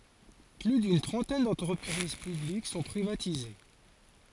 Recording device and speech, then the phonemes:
forehead accelerometer, read sentence
ply dyn tʁɑ̃tɛn dɑ̃tʁəpʁiz pyblik sɔ̃ pʁivatize

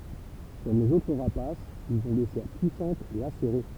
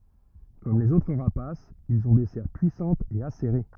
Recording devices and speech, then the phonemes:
temple vibration pickup, rigid in-ear microphone, read sentence
kɔm lez otʁ ʁapasz ilz ɔ̃ de sɛʁ pyisɑ̃tz e aseʁe

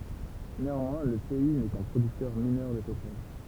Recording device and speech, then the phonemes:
temple vibration pickup, read sentence
neɑ̃mwɛ̃ lə pɛi nɛ kœ̃ pʁodyktœʁ minœʁ də petʁɔl

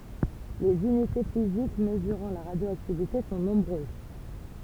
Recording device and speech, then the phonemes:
temple vibration pickup, read sentence
lez ynite fizik məzyʁɑ̃ la ʁadjoaktivite sɔ̃ nɔ̃bʁøz

